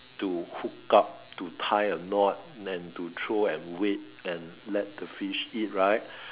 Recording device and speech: telephone, conversation in separate rooms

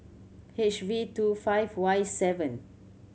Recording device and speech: mobile phone (Samsung C7100), read sentence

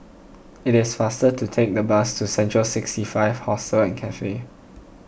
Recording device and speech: boundary microphone (BM630), read sentence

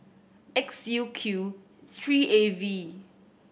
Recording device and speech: boundary microphone (BM630), read sentence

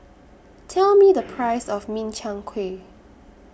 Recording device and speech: boundary microphone (BM630), read sentence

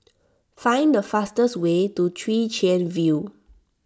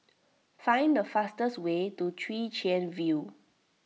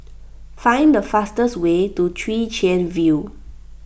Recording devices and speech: standing microphone (AKG C214), mobile phone (iPhone 6), boundary microphone (BM630), read sentence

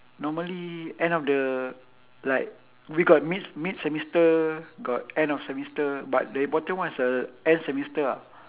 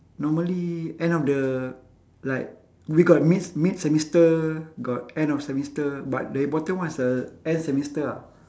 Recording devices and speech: telephone, standing microphone, conversation in separate rooms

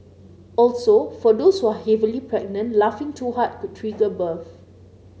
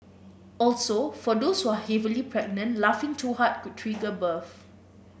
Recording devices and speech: mobile phone (Samsung C9), boundary microphone (BM630), read sentence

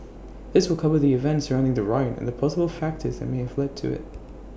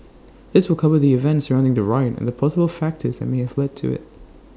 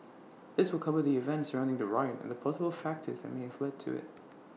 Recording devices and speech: boundary microphone (BM630), standing microphone (AKG C214), mobile phone (iPhone 6), read sentence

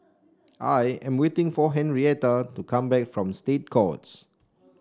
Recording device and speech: standing microphone (AKG C214), read sentence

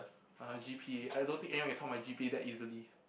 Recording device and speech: boundary microphone, conversation in the same room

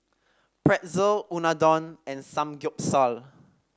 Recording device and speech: standing microphone (AKG C214), read sentence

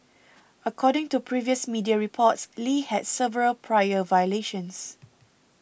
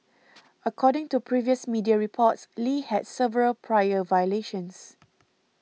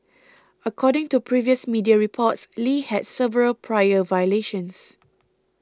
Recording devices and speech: boundary microphone (BM630), mobile phone (iPhone 6), close-talking microphone (WH20), read sentence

